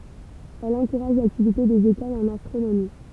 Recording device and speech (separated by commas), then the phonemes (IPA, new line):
temple vibration pickup, read sentence
ɛl ɑ̃kuʁaʒ laktivite dez ekolz ɑ̃n astʁonomi